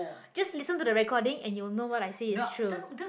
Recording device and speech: boundary microphone, conversation in the same room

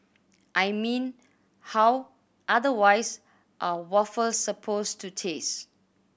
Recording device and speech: boundary microphone (BM630), read sentence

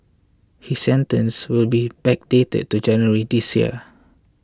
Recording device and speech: close-talking microphone (WH20), read sentence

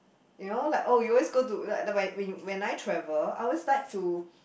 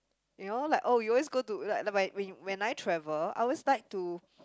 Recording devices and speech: boundary microphone, close-talking microphone, conversation in the same room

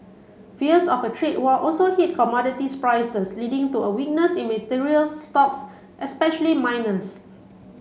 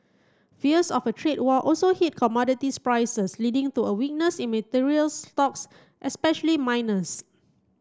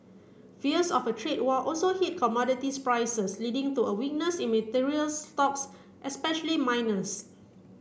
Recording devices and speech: mobile phone (Samsung C7), close-talking microphone (WH30), boundary microphone (BM630), read sentence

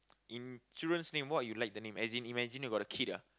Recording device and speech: close-talking microphone, conversation in the same room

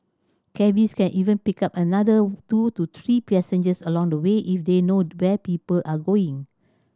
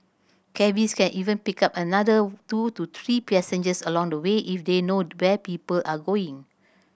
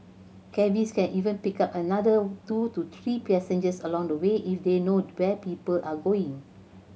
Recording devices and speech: standing microphone (AKG C214), boundary microphone (BM630), mobile phone (Samsung C7100), read sentence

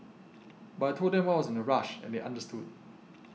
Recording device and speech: mobile phone (iPhone 6), read sentence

